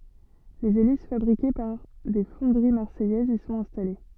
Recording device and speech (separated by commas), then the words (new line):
soft in-ear microphone, read sentence
Les hélices fabriquées par des fonderies marseillaises y sont installées.